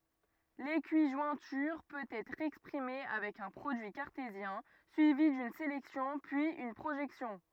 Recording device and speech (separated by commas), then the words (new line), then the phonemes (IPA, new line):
rigid in-ear microphone, read sentence
L'équijointure peut être exprimée avec un produit cartésien, suivi d'une sélection, puis une projection.
lekiʒwɛ̃tyʁ pøt ɛtʁ ɛkspʁime avɛk œ̃ pʁodyi kaʁtezjɛ̃ syivi dyn selɛksjɔ̃ pyiz yn pʁoʒɛksjɔ̃